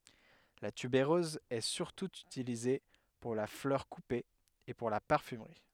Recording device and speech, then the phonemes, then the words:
headset microphone, read sentence
la tybeʁøz ɛ syʁtu ytilize puʁ la flœʁ kupe e puʁ la paʁfymʁi
La tubéreuse est surtout utilisée pour la fleur coupée et pour la parfumerie.

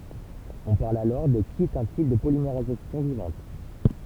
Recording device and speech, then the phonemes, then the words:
temple vibration pickup, read sentence
ɔ̃ paʁl alɔʁ də ki ɛt œ̃ tip də polimeʁizasjɔ̃ vivɑ̃t
On parle alors de qui est un type de polymérisation vivante.

